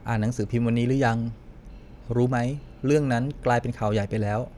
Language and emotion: Thai, frustrated